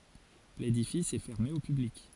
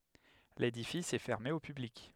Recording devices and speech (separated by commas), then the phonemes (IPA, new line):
forehead accelerometer, headset microphone, read sentence
ledifis ɛ fɛʁme o pyblik